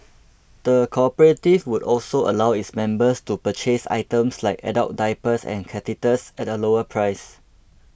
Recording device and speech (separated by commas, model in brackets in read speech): boundary microphone (BM630), read sentence